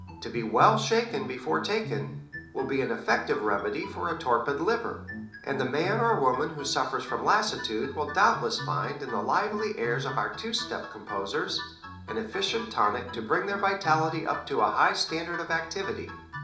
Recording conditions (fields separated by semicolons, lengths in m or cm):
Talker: one person; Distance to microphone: 2.0 m; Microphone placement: close; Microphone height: 99 cm; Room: medium-sized (5.7 m by 4.0 m); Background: music